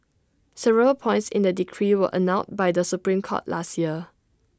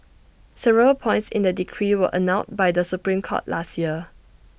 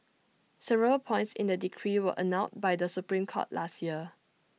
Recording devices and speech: standing microphone (AKG C214), boundary microphone (BM630), mobile phone (iPhone 6), read sentence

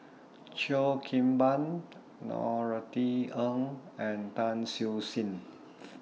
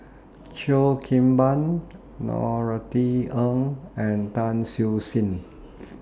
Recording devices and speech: mobile phone (iPhone 6), standing microphone (AKG C214), read sentence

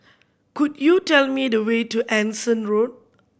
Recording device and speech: boundary microphone (BM630), read sentence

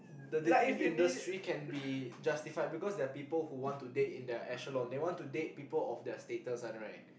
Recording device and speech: boundary microphone, conversation in the same room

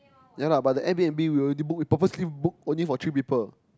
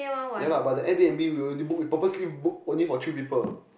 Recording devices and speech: close-talking microphone, boundary microphone, conversation in the same room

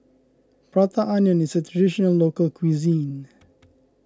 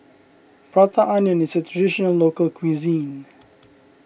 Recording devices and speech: close-talking microphone (WH20), boundary microphone (BM630), read sentence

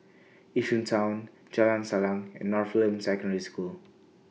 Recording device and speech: mobile phone (iPhone 6), read sentence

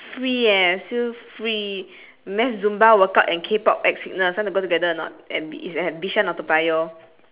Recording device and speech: telephone, conversation in separate rooms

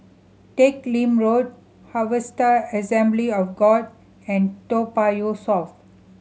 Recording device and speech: mobile phone (Samsung C7100), read sentence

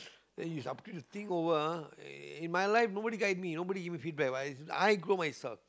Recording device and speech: close-talking microphone, conversation in the same room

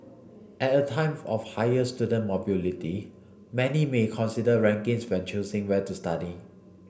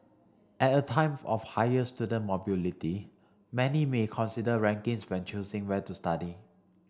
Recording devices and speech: boundary microphone (BM630), standing microphone (AKG C214), read sentence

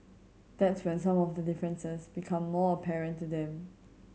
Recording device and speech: mobile phone (Samsung C7100), read sentence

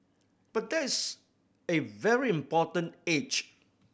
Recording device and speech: boundary microphone (BM630), read sentence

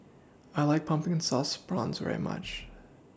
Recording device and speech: standing microphone (AKG C214), read sentence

